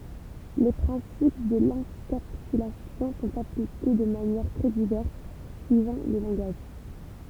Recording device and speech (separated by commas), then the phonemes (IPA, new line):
temple vibration pickup, read sentence
le pʁɛ̃sip də lɑ̃kapsylasjɔ̃ sɔ̃t aplike də manjɛʁ tʁɛ divɛʁs syivɑ̃ le lɑ̃ɡaʒ